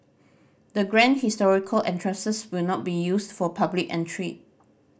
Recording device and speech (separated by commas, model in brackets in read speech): boundary microphone (BM630), read sentence